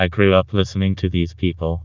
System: TTS, vocoder